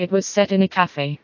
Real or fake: fake